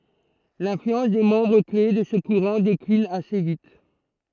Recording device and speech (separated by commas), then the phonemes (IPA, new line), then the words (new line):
throat microphone, read sentence
lɛ̃flyɑ̃s de mɑ̃bʁ kle də sə kuʁɑ̃ deklin ase vit
L’influence des membres clés de ce courant décline assez vite.